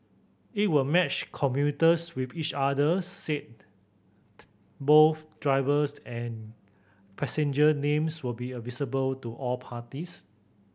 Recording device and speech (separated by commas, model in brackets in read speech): boundary microphone (BM630), read sentence